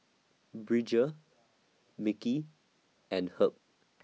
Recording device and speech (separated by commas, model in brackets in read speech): mobile phone (iPhone 6), read sentence